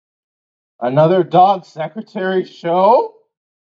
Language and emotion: English, fearful